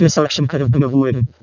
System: VC, vocoder